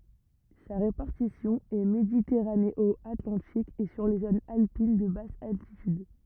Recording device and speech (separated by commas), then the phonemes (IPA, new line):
rigid in-ear microphone, read sentence
sa ʁepaʁtisjɔ̃ ɛ meditɛʁaneɔatlɑ̃tik e syʁ le zonz alpin də bas altityd